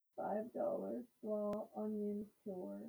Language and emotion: English, sad